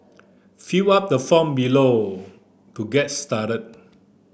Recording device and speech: boundary microphone (BM630), read sentence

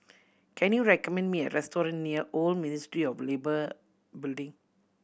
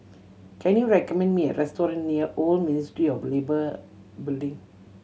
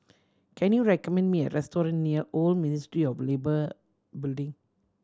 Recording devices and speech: boundary microphone (BM630), mobile phone (Samsung C7100), standing microphone (AKG C214), read sentence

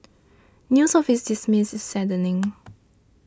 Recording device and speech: standing microphone (AKG C214), read sentence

